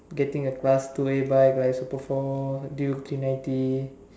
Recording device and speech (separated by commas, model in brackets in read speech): standing microphone, conversation in separate rooms